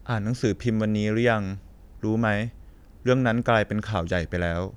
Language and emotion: Thai, neutral